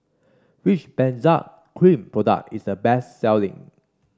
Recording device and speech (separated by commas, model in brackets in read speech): standing microphone (AKG C214), read sentence